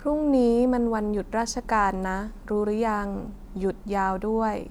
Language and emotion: Thai, neutral